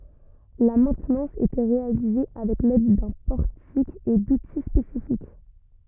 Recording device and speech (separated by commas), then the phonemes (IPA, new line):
rigid in-ear microphone, read sentence
la mɛ̃tnɑ̃s etɛ ʁealize avɛk lɛd dœ̃ pɔʁtik e duti spesifik